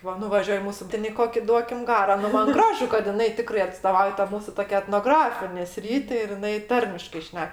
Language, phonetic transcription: Lithuanian, ˈva nuvaˈžiuoj ˈmūsu ˈtėn i ˈkoki ˈduokim ˈgaro ˈnu ˈman ˈgražu kad jiˈnai ˈtikrai atstoˈvauja ta ˈmūsu ˈtokia etnoˈgrafinė ˈsryti ir jiˈnai ˈtarmiškai ˈšnek

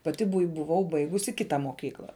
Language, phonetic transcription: Lithuanian, paˈti buˈai buˈvau ˈbaigusi ˈkita moˈkykla

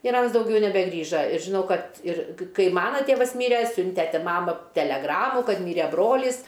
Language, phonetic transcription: Lithuanian, ir ˈans dauˈgiau nebeˈgrįža ir žiˈnau ˈkad ir ˈkai ˈmana ˈtėvas ˈmyre ˈsiunte ˈti ˈmama teleˈgramu ˈkad ˈmyre ˈbrolys

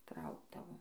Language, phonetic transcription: Lithuanian, ˈtraukdavom

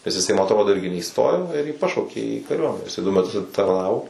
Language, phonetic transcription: Lithuanian, nes iˈsai ma atˈrodo ˈirgi neįˈstojo ir jį ˈpašaukė į kaˈriuomene iˈsai du meˈtus atitarˈnavo

